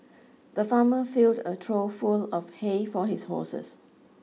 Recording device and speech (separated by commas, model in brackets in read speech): mobile phone (iPhone 6), read sentence